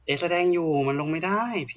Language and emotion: Thai, frustrated